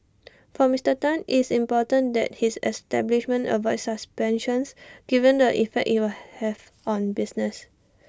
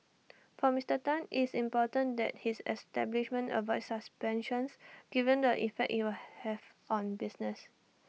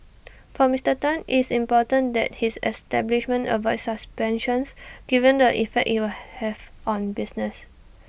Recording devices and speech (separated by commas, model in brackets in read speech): standing microphone (AKG C214), mobile phone (iPhone 6), boundary microphone (BM630), read sentence